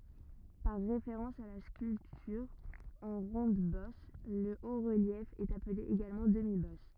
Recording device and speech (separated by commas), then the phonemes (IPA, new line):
rigid in-ear microphone, read sentence
paʁ ʁefeʁɑ̃s a la skyltyʁ ɑ̃ ʁɔ̃dbɔs lə otʁəljɛf ɛt aple eɡalmɑ̃ dəmibɔs